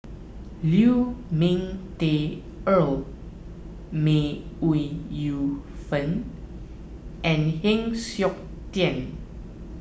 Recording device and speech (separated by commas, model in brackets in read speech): boundary microphone (BM630), read sentence